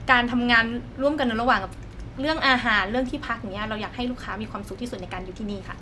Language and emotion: Thai, neutral